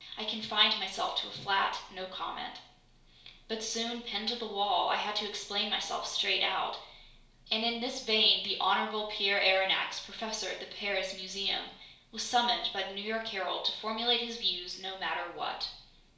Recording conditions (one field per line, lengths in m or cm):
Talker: one person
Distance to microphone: 1.0 m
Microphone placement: close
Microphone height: 1.1 m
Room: small (3.7 m by 2.7 m)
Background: none